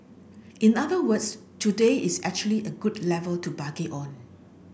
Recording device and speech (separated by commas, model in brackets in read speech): boundary microphone (BM630), read sentence